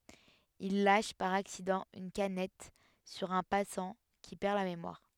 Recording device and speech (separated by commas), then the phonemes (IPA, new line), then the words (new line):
headset microphone, read sentence
il laʃ paʁ aksidɑ̃ yn kanɛt syʁ œ̃ pasɑ̃ ki pɛʁ la memwaʁ
Il lâche par accident une canette sur un passant, qui perd la mémoire...